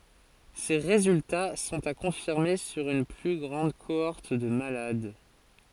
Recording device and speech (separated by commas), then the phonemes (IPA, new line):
forehead accelerometer, read sentence
se ʁezylta sɔ̃t a kɔ̃fiʁme syʁ yn ply ɡʁɑ̃d koɔʁt də malad